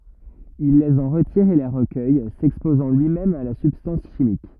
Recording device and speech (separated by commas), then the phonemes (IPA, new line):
rigid in-ear microphone, read sentence
il lez ɑ̃ ʁətiʁ e le ʁəkœj sɛkspozɑ̃ lyimɛm a la sybstɑ̃s ʃimik